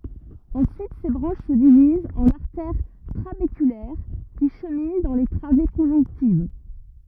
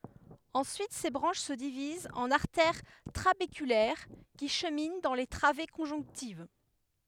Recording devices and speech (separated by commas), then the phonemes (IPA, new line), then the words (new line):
rigid in-ear microphone, headset microphone, read sentence
ɑ̃syit se bʁɑ̃ʃ sə divizt ɑ̃n aʁtɛʁ tʁabekylɛʁ ki ʃəmin dɑ̃ le tʁave kɔ̃ʒɔ̃ktiv
Ensuite ces branches se divisent en artères trabéculaires qui cheminent dans les travées conjonctives.